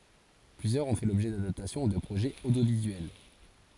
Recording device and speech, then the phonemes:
forehead accelerometer, read sentence
plyzjœʁz ɔ̃ fɛ lɔbʒɛ dadaptasjɔ̃ u də pʁoʒɛz odjovizyɛl

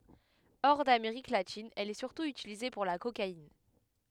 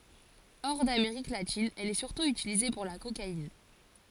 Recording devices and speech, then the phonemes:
headset microphone, forehead accelerometer, read sentence
ɔʁ dameʁik latin ɛl ɛ syʁtu ytilize puʁ la kokain

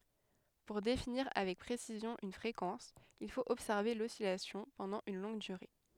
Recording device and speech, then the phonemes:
headset microphone, read sentence
puʁ definiʁ avɛk pʁesizjɔ̃ yn fʁekɑ̃s il fot ɔbsɛʁve lɔsilasjɔ̃ pɑ̃dɑ̃ yn lɔ̃ɡ dyʁe

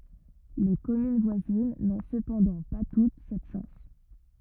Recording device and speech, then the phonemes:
rigid in-ear microphone, read sentence
le kɔmyn vwazin nɔ̃ səpɑ̃dɑ̃ pa tut sɛt ʃɑ̃s

